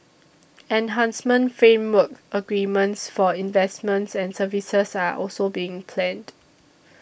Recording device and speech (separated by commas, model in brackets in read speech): boundary microphone (BM630), read sentence